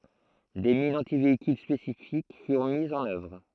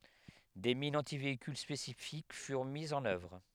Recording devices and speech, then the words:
throat microphone, headset microphone, read sentence
Des mines antivéhicules spécifiques furent mises en œuvre.

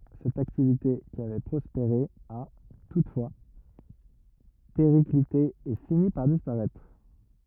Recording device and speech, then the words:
rigid in-ear microphone, read sentence
Cette activité qui avait prospéré a, toutefois, périclité et fini par disparaître.

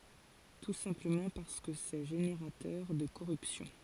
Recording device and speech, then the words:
forehead accelerometer, read sentence
Tout simplement parce que c'est générateur de corruption.

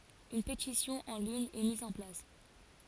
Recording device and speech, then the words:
forehead accelerometer, read sentence
Une pétition en ligne est mise en place.

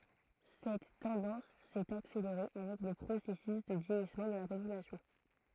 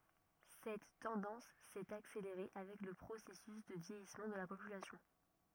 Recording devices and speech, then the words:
throat microphone, rigid in-ear microphone, read sentence
Cette tendance s'est accélérée avec le processus de vieillissement de la population.

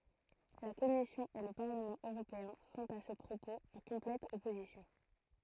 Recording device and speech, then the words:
throat microphone, read sentence
La commission et le Parlement européen sont à ce propos en complète opposition.

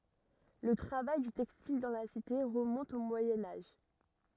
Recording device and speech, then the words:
rigid in-ear microphone, read sentence
Le travail du textile dans la cité remonte au Moyen Âge.

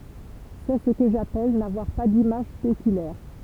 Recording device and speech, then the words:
temple vibration pickup, read sentence
C'est ce que j'appelle n'avoir pas d'image spéculaire.

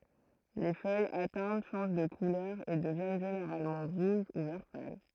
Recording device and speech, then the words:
throat microphone, read sentence
Les feuilles atteintes changent de couleur et deviennent généralement rouges ou vert pâle.

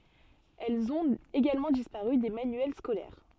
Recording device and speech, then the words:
soft in-ear microphone, read sentence
Elles ont également disparu des manuels scolaires.

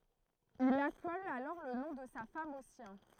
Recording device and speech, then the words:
throat microphone, read sentence
Il accole alors le nom de sa femme au sien.

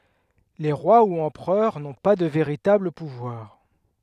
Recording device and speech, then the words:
headset microphone, read sentence
Les rois ou empereurs n’ont pas de véritable pouvoir.

